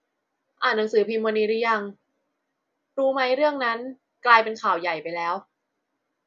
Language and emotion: Thai, frustrated